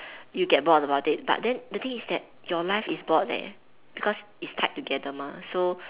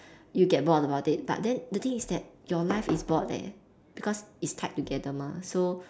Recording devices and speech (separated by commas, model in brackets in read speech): telephone, standing microphone, conversation in separate rooms